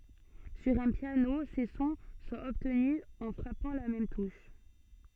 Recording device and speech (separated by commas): soft in-ear microphone, read sentence